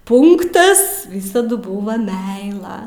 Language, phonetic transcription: Lithuanian, ˈpunktas ˈvysadu ˈbuva ˈmeila

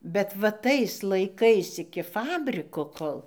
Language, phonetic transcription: Lithuanian, bet va ˈtais laiˈkais iki ˈfabriko ˈkol

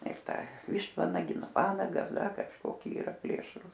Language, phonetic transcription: Lithuanian, ir ˈtą ˈvištvanagiai ˈnu ˈvanagas ˈda kažˈkoki ˈyra ˈplėšrūs

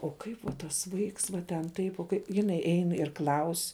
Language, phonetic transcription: Lithuanian, o ˈkaip va tas ˈvaiks va ten ˈtaip o ˈkai jiˈnai ˈein ir ˈklaus'

